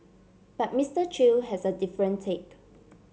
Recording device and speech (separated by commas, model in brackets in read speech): mobile phone (Samsung C7), read sentence